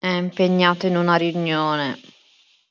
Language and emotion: Italian, sad